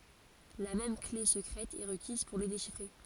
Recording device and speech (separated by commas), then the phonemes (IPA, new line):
forehead accelerometer, read sentence
la mɛm kle səkʁɛt ɛ ʁəkiz puʁ le deʃifʁe